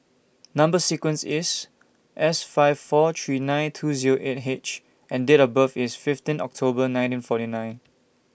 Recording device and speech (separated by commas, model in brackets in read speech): boundary microphone (BM630), read sentence